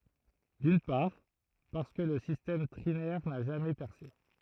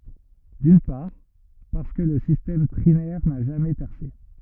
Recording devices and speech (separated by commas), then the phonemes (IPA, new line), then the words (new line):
throat microphone, rigid in-ear microphone, read sentence
dyn paʁ paʁskə lə sistɛm tʁinɛʁ na ʒamɛ pɛʁse
D'une part, parce que le système trinaire n'a jamais percé.